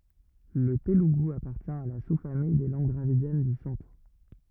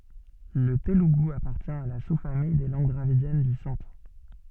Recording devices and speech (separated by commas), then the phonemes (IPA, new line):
rigid in-ear microphone, soft in-ear microphone, read sentence
lə teluɡu apaʁtjɛ̃ a la su famij de lɑ̃ɡ dʁavidjɛn dy sɑ̃tʁ